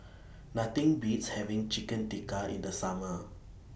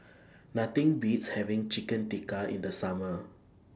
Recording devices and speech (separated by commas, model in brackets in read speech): boundary microphone (BM630), standing microphone (AKG C214), read sentence